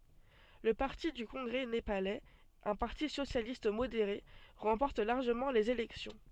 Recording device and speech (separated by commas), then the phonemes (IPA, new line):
soft in-ear microphone, read sentence
lə paʁti dy kɔ̃ɡʁɛ nepalɛz œ̃ paʁti sosjalist modeʁe ʁɑ̃pɔʁt laʁʒəmɑ̃ lez elɛksjɔ̃